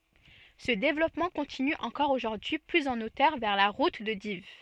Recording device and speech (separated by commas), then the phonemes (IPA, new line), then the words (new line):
soft in-ear microphone, read sentence
sə devlɔpmɑ̃ kɔ̃tiny ɑ̃kɔʁ oʒuʁdyi plyz ɑ̃ otœʁ vɛʁ la ʁut də div
Ce développement continue encore aujourd'hui plus en hauteur vers la route de Dives.